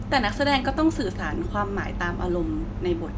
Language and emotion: Thai, frustrated